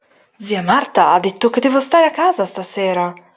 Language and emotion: Italian, surprised